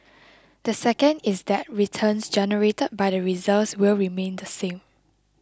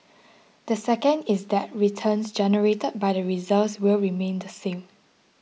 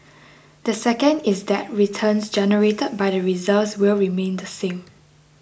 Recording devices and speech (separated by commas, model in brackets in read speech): close-talking microphone (WH20), mobile phone (iPhone 6), boundary microphone (BM630), read sentence